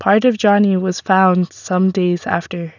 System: none